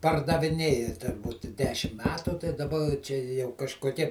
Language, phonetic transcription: Lithuanian, pardaviˈnėja te ˈbuti ˈdešim ˈmetu tai daˈba čia jau kažkoˈkie

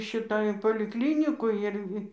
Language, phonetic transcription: Lithuanian, ˈšita ir polikˈlinikoj ˈir

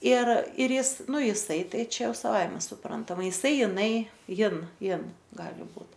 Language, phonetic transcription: Lithuanian, ir ir ˈjis ˈnu jiˈsai ˈtai ˈčia ˈjau saˈvaime suˈprantama jiˈsai jiˈnai ˈjin ˈjin ˈgali ˈbūt

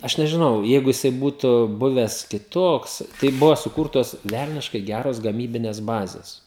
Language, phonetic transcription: Lithuanian, ˈaš nežiˈnau ˈjeigu jiˈsai ˈbūtu ˈbuves kiˈtoks ˈtai ˈbuvo suˈkurtos ˈvelniškai ˈgeros gaˈmybines ˈbazes

